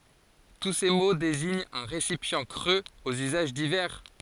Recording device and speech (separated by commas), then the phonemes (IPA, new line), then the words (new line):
forehead accelerometer, read sentence
tu se mo deziɲt œ̃ ʁesipjɑ̃ kʁøz oz yzaʒ divɛʁ
Tous ces mots désignent un récipient creux aux usages divers.